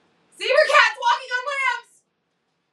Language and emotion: English, fearful